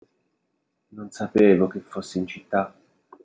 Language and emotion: Italian, sad